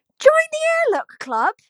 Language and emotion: English, surprised